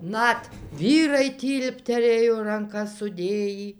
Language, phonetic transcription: Lithuanian, ˈnat ˈvyrai ˈtylpterėjo ranˈkas suˈdėjį

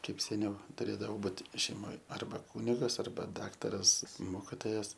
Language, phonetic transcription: Lithuanian, ˈkaip seˈniau tuˈrėdavo ˈbūt šeiˈmoj arˈba ˈkūnigas arˈba ˈdaktaras ˈmokitojas

